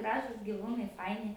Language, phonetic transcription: Lithuanian, ˈgražūs giˈvūnai ˈfaini

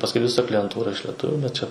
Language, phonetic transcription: Lithuanian, pasˈkui viˈsa klijenˈtūra iš leˈtuviu bet čia

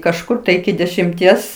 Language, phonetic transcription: Lithuanian, kažˈkur tai iki dešimˈties

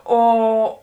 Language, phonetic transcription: Lithuanian, ˈo

